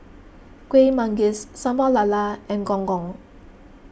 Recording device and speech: boundary microphone (BM630), read sentence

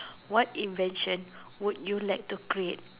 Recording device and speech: telephone, conversation in separate rooms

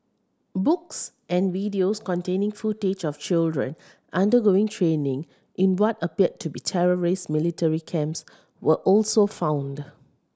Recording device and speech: standing microphone (AKG C214), read sentence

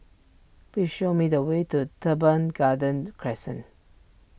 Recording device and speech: boundary microphone (BM630), read sentence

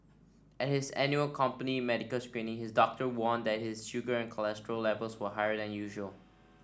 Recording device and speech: standing microphone (AKG C214), read sentence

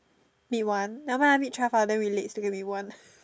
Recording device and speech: standing microphone, conversation in separate rooms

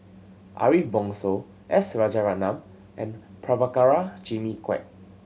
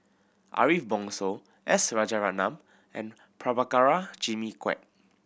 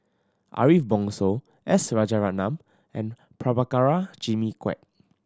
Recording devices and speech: mobile phone (Samsung C7100), boundary microphone (BM630), standing microphone (AKG C214), read sentence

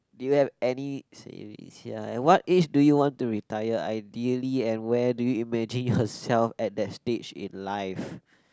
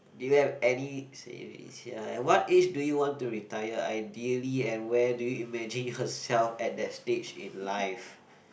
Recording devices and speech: close-talking microphone, boundary microphone, conversation in the same room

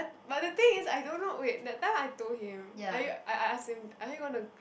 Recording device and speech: boundary microphone, conversation in the same room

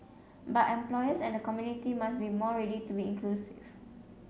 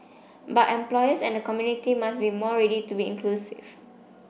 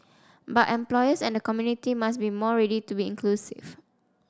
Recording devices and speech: mobile phone (Samsung C7), boundary microphone (BM630), standing microphone (AKG C214), read sentence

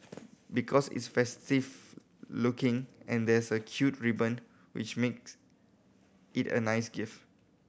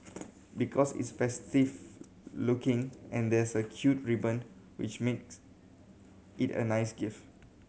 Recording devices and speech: boundary microphone (BM630), mobile phone (Samsung C7100), read sentence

